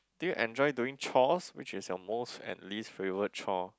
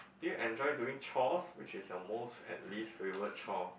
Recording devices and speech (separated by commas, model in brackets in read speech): close-talking microphone, boundary microphone, conversation in the same room